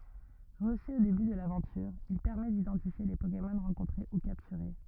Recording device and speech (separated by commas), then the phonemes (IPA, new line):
rigid in-ear microphone, read sentence
ʁəsy o deby də lavɑ̃tyʁ il pɛʁmɛ didɑ̃tifje le pokemɔn ʁɑ̃kɔ̃tʁe u kaptyʁe